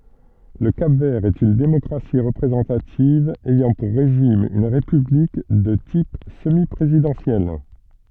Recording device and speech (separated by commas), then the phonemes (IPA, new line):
soft in-ear microphone, read sentence
lə kap vɛʁ ɛt yn demɔkʁasi ʁəpʁezɑ̃tativ ɛjɑ̃ puʁ ʁeʒim yn ʁepyblik də tip səmi pʁezidɑ̃sjɛl